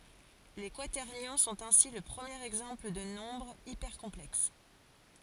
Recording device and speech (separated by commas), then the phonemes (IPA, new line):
forehead accelerometer, read sentence
le kwatɛʁnjɔ̃ sɔ̃t ɛ̃si lə pʁəmjeʁ ɛɡzɑ̃pl də nɔ̃bʁz ipɛʁkɔ̃plɛks